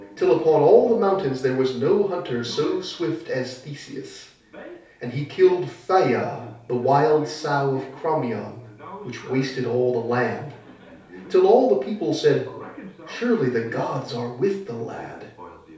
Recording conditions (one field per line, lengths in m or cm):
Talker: one person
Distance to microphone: 3.0 m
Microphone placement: far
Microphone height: 1.8 m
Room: small (3.7 m by 2.7 m)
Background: television